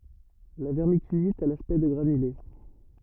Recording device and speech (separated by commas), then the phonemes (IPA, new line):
rigid in-ear microphone, read sentence
la vɛʁmikylit a laspɛkt də ɡʁanyle